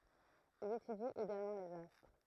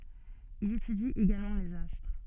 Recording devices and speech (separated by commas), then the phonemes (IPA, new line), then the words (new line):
throat microphone, soft in-ear microphone, read sentence
il etydi eɡalmɑ̃ lez astʁ
Il étudie également les astres.